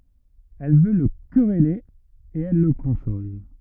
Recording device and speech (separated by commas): rigid in-ear microphone, read sentence